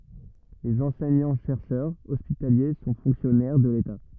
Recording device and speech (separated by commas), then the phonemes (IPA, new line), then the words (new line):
rigid in-ear microphone, read sentence
lez ɑ̃sɛɲɑ̃tʃɛʁʃœʁz ɔspitalje sɔ̃ fɔ̃ksjɔnɛʁ də leta
Les enseignants-chercheurs hospitaliers sont fonctionnaires de l'État.